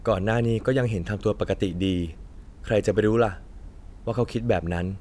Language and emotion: Thai, neutral